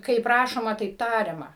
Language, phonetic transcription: Lithuanian, kaip ˈrašoma taip ˈtariama

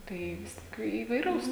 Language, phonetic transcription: Lithuanian, tai ˈvis tik įvaiˈraus

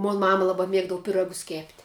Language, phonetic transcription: Lithuanian, mon ˈmama ˈlaba ˈmiegdavu piˈragus kėpt'

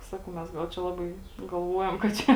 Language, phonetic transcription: Lithuanian, ˈsakau mes ˈgal čia ˈlabai galˈvuojam kad ˈčia

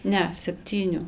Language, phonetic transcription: Lithuanian, ˈne sepˈtyniu

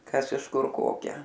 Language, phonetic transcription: Lithuanian, ˈkas iš ˈkur ˈkokią

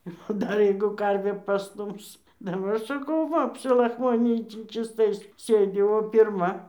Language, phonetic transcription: Lithuanian, ˈir o ˈdar ˈjeigu ˈkarvė paˈstums daˈbar ˈsakau ˈva apsilachˈmoninį tį čysˈtais ˈsėdi o pirˈma

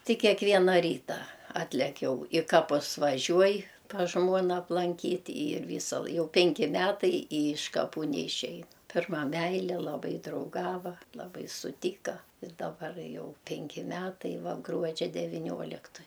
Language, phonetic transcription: Lithuanian, ˈti kekˈviena ˈryta ˈatlek ˈjau i ˈkapus vaˈžiuoj pas ˈžmuona aplanˈkyt' yr ˈvysa l ˈjau ˈpenki ˈmetai i iš kaˈpų neiˈšeja ˈpirma ˈmæile laˈbai drauˈgava laˈbai suˈtyka ir daˈbar ˈjau ˈpenki ˈmetai ˈva ˈgruodžia devyˈnioliktoj

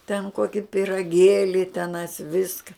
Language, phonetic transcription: Lithuanian, ten ˈkoki piraˈgėli teˈnais ˈviska

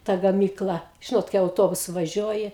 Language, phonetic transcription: Lithuanian, ta gaˈmykla ˈžinot kai auˈtobusu vaˈžiuoji

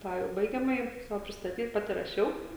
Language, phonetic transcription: Lithuanian, ˈtą jau ˈbaigiamaji ˈsavo pristaˈtyt ˈpati raˈšiau

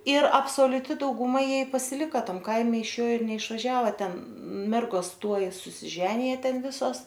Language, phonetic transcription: Lithuanian, ir absoliuˈti dauguˈma ˈjie i pasiˈlika ˈtam ˈkaime iš ˈjo ir neišvaˈžiava ˈten ˈmergos ˈtuoj susiˈženija ˈten ˈvisos

